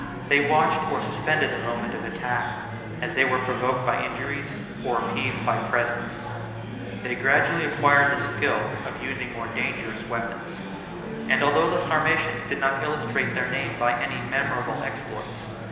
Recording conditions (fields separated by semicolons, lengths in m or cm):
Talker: one person; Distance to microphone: 1.7 m; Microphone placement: close; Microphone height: 1.0 m; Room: very reverberant, large; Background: babble